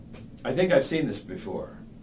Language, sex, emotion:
English, male, neutral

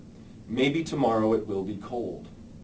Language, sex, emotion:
English, male, neutral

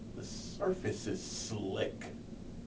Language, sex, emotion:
English, male, neutral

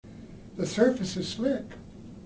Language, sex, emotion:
English, male, neutral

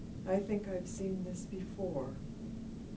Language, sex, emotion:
English, female, sad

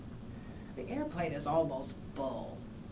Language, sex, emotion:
English, female, disgusted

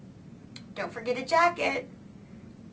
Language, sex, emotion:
English, female, happy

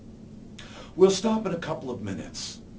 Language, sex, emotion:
English, male, neutral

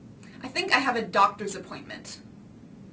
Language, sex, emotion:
English, female, disgusted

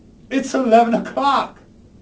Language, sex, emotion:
English, male, fearful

